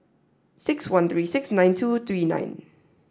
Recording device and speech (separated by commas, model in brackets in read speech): standing microphone (AKG C214), read sentence